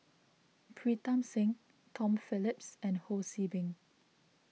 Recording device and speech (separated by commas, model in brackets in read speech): mobile phone (iPhone 6), read sentence